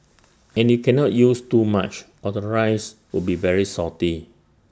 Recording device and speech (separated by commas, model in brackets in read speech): standing microphone (AKG C214), read sentence